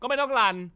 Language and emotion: Thai, angry